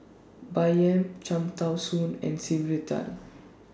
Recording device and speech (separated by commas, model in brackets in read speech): standing microphone (AKG C214), read sentence